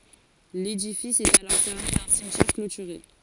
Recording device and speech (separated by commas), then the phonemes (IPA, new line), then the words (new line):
forehead accelerometer, read sentence
ledifis ɛt alɔʁ sɛʁne dœ̃ simtjɛʁ klotyʁe
L’édifice est alors cerné d’un cimetière clôturé.